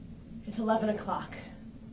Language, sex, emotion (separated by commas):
English, female, neutral